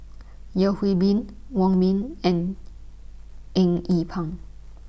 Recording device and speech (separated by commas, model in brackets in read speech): boundary microphone (BM630), read sentence